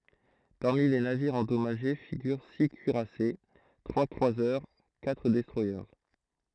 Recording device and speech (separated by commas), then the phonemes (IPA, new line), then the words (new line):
throat microphone, read sentence
paʁmi le naviʁz ɑ̃dɔmaʒe fiɡyʁ si kyiʁase tʁwa kʁwazœʁ katʁ dɛstʁwaje
Parmi les navires endommagés figurent six cuirassés, trois croiseurs, quatre destroyers.